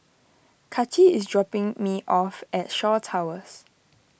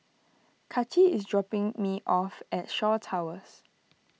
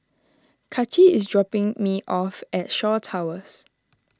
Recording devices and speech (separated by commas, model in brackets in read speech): boundary microphone (BM630), mobile phone (iPhone 6), standing microphone (AKG C214), read sentence